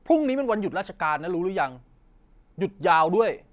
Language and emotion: Thai, frustrated